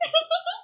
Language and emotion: Thai, happy